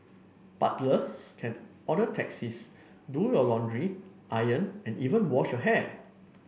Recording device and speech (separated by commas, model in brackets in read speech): boundary microphone (BM630), read sentence